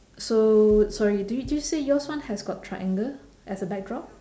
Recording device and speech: standing microphone, conversation in separate rooms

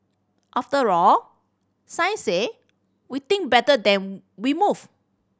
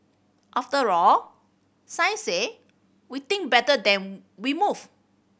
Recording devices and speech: standing microphone (AKG C214), boundary microphone (BM630), read sentence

